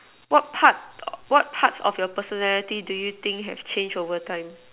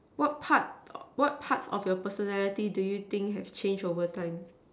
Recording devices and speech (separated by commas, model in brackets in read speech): telephone, standing microphone, conversation in separate rooms